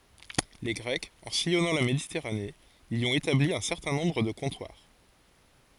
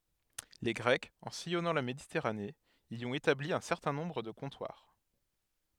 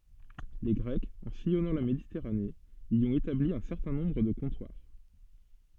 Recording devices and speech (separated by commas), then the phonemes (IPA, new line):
forehead accelerometer, headset microphone, soft in-ear microphone, read sentence
le ɡʁɛkz ɑ̃ sijɔnɑ̃ la meditɛʁane i ɔ̃t etabli œ̃ sɛʁtɛ̃ nɔ̃bʁ də kɔ̃twaʁ